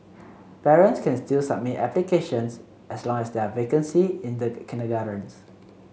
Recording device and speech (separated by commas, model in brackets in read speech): mobile phone (Samsung C7), read sentence